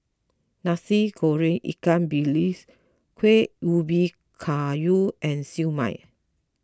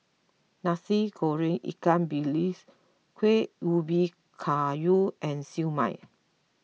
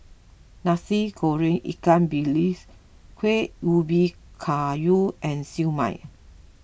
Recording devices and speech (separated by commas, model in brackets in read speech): close-talking microphone (WH20), mobile phone (iPhone 6), boundary microphone (BM630), read sentence